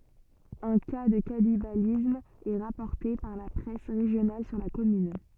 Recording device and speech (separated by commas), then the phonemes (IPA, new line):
soft in-ear microphone, read sentence
œ̃ ka də kanibalism ɛ ʁapɔʁte paʁ la pʁɛs ʁeʒjonal syʁ la kɔmyn